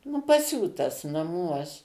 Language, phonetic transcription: Lithuanian, nu paˈsiūtas naˈmuos

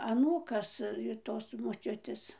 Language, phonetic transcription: Lithuanian, aˈnūkas ir ˈtos moˈčiutės

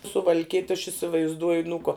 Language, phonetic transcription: Lithuanian, suval'ˈkiet' aš isivaizˈduoj nu ko

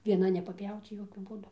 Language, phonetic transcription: Lithuanian, vieˈna nepaˈpjauc ˈjokiu ˈbūdu

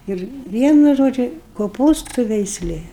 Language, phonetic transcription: Lithuanian, ˈir ˈvienu ˈžodžiu koˈpūstu veisˈlė

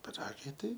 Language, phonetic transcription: Lithuanian, piˈragai ˈtai

